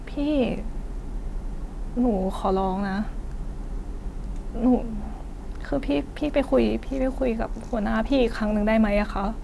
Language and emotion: Thai, sad